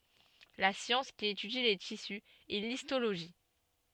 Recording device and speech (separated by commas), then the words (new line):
soft in-ear microphone, read sentence
La science qui étudie les tissus est l'histologie.